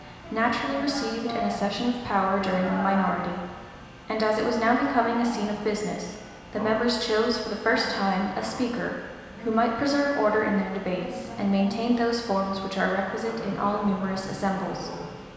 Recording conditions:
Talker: one person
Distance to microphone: 1.7 m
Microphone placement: close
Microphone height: 1.0 m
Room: very reverberant, large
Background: television

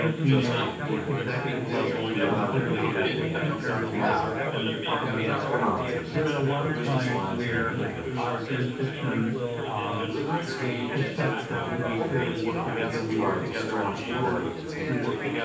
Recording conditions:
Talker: one person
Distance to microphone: 9.8 m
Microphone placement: far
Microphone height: 1.8 m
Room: large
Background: babble

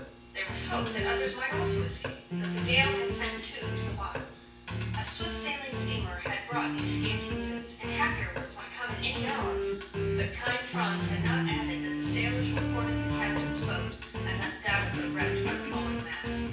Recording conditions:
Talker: one person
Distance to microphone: 9.8 m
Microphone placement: far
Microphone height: 1.8 m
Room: large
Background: music

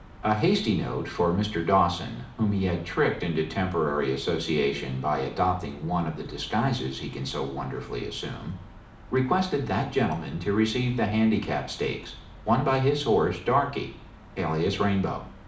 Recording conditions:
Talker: one person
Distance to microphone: 2.0 m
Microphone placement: close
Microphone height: 99 cm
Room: medium-sized (5.7 m by 4.0 m)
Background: none

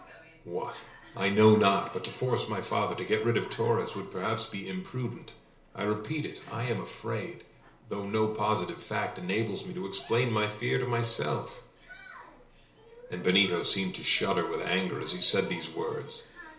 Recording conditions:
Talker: one person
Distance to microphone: 1.0 m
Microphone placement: close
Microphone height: 1.1 m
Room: small (3.7 m by 2.7 m)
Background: television

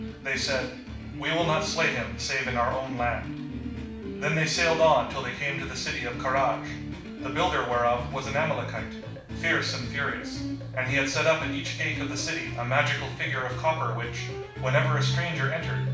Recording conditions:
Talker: one person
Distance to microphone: 5.8 m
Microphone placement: far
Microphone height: 1.8 m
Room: medium-sized (5.7 m by 4.0 m)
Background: music

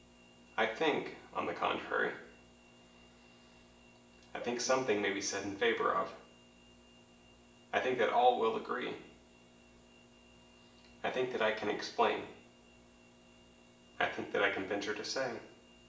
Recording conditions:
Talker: one person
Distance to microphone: 1.8 m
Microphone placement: close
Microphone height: 1.0 m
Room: large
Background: none

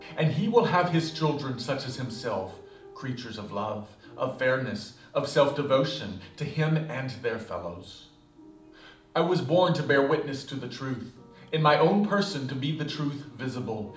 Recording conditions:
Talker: one person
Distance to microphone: 2.0 m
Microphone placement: close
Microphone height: 99 cm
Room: medium-sized (5.7 m by 4.0 m)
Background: music

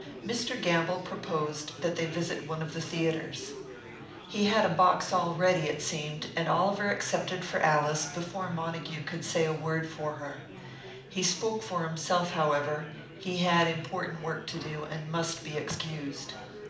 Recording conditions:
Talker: one person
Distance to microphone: 2.0 m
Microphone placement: close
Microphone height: 99 cm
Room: medium-sized (5.7 m by 4.0 m)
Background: babble

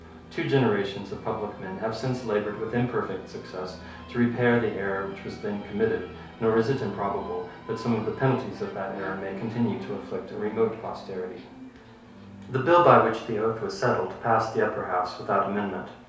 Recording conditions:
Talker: one person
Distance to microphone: 3.0 m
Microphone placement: far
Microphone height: 1.8 m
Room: small (3.7 m by 2.7 m)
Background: television

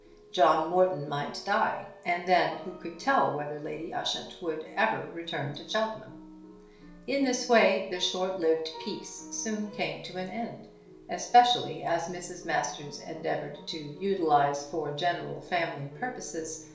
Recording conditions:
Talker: one person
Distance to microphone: 1.0 m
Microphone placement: close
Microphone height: 1.1 m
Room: small (3.7 m by 2.7 m)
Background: music

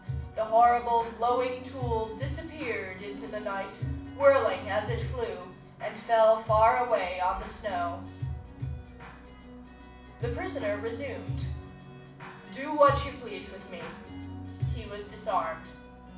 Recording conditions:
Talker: one person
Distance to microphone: 5.8 m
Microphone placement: far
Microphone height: 1.8 m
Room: medium-sized (5.7 m by 4.0 m)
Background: music

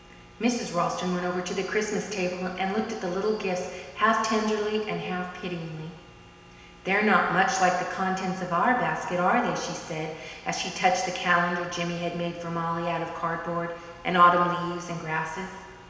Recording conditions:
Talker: one person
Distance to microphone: 1.7 m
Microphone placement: close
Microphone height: 1.0 m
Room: very reverberant, large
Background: none

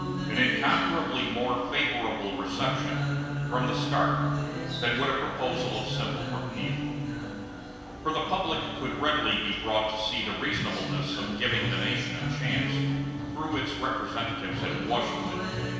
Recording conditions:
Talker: one person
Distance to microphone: 1.7 m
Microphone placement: close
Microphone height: 1.0 m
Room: very reverberant, large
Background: music

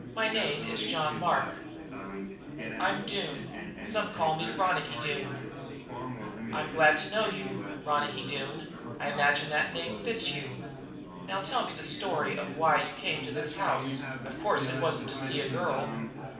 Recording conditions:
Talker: one person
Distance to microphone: 5.8 m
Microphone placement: far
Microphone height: 1.8 m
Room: medium-sized (5.7 m by 4.0 m)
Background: babble

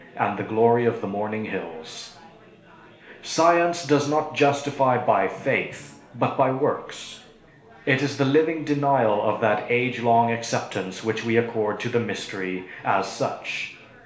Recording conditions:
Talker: one person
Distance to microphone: 1.0 m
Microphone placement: close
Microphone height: 1.1 m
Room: small (3.7 m by 2.7 m)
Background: babble

